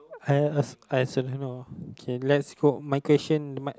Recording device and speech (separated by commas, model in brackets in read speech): close-talking microphone, conversation in the same room